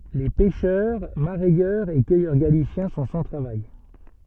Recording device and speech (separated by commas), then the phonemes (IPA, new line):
soft in-ear microphone, read sentence
le pɛʃœʁ maʁɛjœʁz e kœjœʁ ɡalisjɛ̃ sɔ̃ sɑ̃ tʁavaj